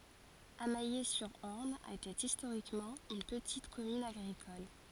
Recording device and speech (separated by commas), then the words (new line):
forehead accelerometer, read sentence
Amayé-sur-Orne était historiquement une petite commune agricole.